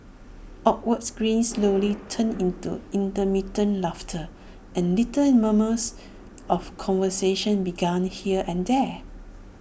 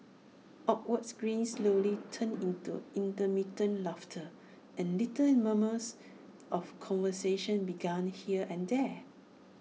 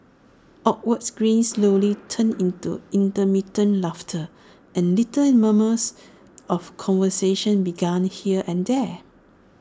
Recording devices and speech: boundary microphone (BM630), mobile phone (iPhone 6), standing microphone (AKG C214), read sentence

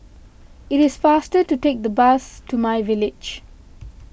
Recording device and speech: boundary microphone (BM630), read sentence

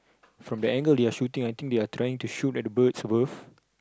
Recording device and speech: close-talking microphone, conversation in the same room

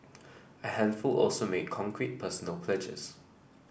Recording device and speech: boundary microphone (BM630), read sentence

